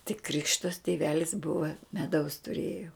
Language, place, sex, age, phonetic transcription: Lithuanian, Žemaitija, female, 60+, tik ˈkrikštas tiˈvelis ˈbuva meˈdaus tuˈrėjo

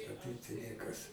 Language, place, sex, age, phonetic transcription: Lithuanian, Aukštaitija, male, 60+, a ˈtaip tai ˈniekas

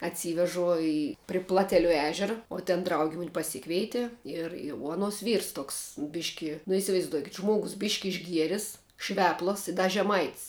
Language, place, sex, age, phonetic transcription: Lithuanian, Žemaitija, female, 18-60, atˈsyvežu ˈi pri ˈplateliu ˈežera o ten ˈdraugi ˈmun' paˈsikveiti ˈir i uo aˈnuos ˈvyrs ˈtoks ˈbiški nu isivaizˈduokit ˈžmuogus ˈbiški išˈgieris ˈšveplas i ˈda žeˈmait's'

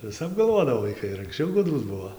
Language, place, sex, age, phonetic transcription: Lithuanian, Dzūkija, male, 18-60, viˈsap galˈvodavo vaiˈkai ir anksˈčiau ˈgudrūs ˈbuo

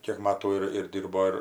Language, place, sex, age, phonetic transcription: Lithuanian, Aukštaitija, female, 60+, ˈkiek ˈmatų ir ˈdyrbo ir

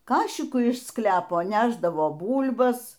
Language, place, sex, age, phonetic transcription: Lithuanian, Aukštaitija, female, 60+, ˈkašiku iš ˈsklepo ˈnešdavo ˈbūl'bas

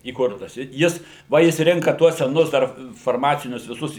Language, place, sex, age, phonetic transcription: Lithuanian, Suvalkija, male, 60+, įˈkurtas i ˈjis ˈva ˈjis ˈrinka ˈtuos seˈnus ˈdar farˈmacinius viˈsus

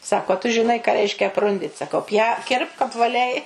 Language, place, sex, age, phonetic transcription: Lithuanian, Suvalkija, female, 60+, ˈsako a tu žiˈnai ką ˈreiškia apˈrundit saˈkau pja ˈkirpk apvaˈliai

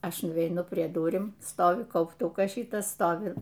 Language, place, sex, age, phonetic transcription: Lithuanian, Aukštaitija, female, 60+, ˈaš nuveiˈnu prie ˈdurim ˈstovi kaupˈtukas ˈšytas ˈstovi

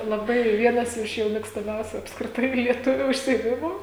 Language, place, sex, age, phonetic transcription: Lithuanian, Žemaitija, female, 18-60, laˈbai ˈvienas ˈiš jau mėgstaˈmiausiu apskriˈtai lieˈtuviu užsiėˈmimu

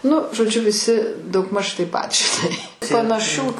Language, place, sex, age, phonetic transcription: Lithuanian, Aukštaitija, female, 60+, nu žoˈdžiu viˈsi daugˈmaž taip ˈpat žiˈnai panaˈšių

